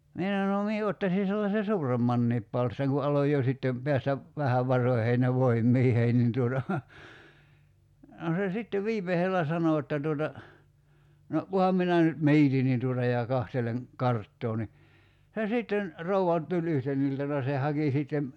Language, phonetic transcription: Finnish, 'mie (s)ano » (no) 'mie ottasi sellase "suuremmanniip 'palstaŋ « ku 'aloj jo sittem , 'peästä , "vähäv 'varoⁱheen ja 'voimmiihei nin tuota , no se 'sitte 'viim̆me(s)ellä 'sano [j]otta tuota , » no , 'kuham minä nyt "miitin nin tuota ja 'kahteleŋ , 'karttoo ni « , se 'sìtten , 'rou₍a , tuĺ 'yhten iltana se 'haki sìttem ,.
- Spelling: minä sanoin no minä ottaisin sellaisen suuremmankin palstan kun aloin jo sitten päästä vähän varoihini ja voimiini niin tuota no se sitten viimeisellä sanoi jotta tuota no kunhan minä nyt mietin niin tuota ja katselen karttaa niin se sitten rouva tuli yhtenä iltana se haki sitten

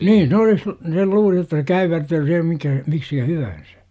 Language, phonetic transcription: Finnish, nii'n ‿olis l- , sel 'luuli jotta se "käyvertyy sihem mikä , 'miksikä "hyvän̬sÄ .
- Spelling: niin olisi - se luuli jotta se käyvertyy siihen mikä miksikä hyvänsä

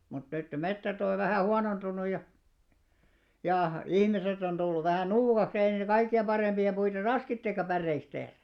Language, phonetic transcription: Finnish, mut nyt ne 'mettät ‿oj jo vähä̀ "huanontun̆nuj ja , 'ja , 'ihmiset ‿on ᴅulluv 'vähä̀ "nuukaks ‿ei ne 'kaikki₍em 'ʙarèmʙi₍a 'puita "raskittekka 'pärreiks tehrᴀ̈ .
- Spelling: mutta nyt ne metsät on jo vähän huonontunut ja ja ihmiset on tullut vähän nuukaksi ei ne kaikkien parempia puita raskikaan päreiksi tehdä

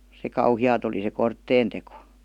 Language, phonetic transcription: Finnish, se "kauhi₍aat ‿oli se "kortteen teko .
- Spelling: se kauheaa oli se kortteen teko

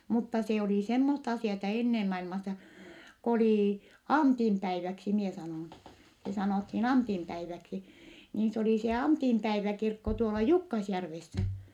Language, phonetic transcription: Finnish, mutta se olì semmosta asì₍ata ennem mailmassa , k ‿olì , Antim päiväksi mie sanòn , se sanòthin Antim päiväksi , niin s ‿olì se Antimpäiväkirkko tuola Jukkasjärvessä .
- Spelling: mutta se oli semmoista asiaa ennen maailmassa kun oli Antin päiväksi minä sanon se sanottiin Antin päiväksi niin se oli se Antinpäiväkirkko tuolla Jukkasjärvessä

